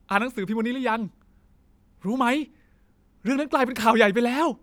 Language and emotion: Thai, happy